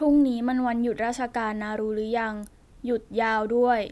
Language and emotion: Thai, sad